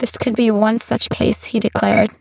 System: VC, spectral filtering